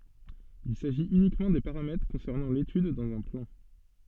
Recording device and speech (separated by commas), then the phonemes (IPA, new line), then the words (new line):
soft in-ear microphone, read sentence
il saʒit ynikmɑ̃ de paʁamɛtʁ kɔ̃sɛʁnɑ̃ letyd dɑ̃z œ̃ plɑ̃
Il s'agit uniquement des paramètres concernant l'étude dans un plan.